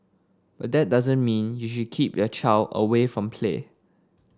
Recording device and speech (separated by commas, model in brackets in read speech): standing microphone (AKG C214), read sentence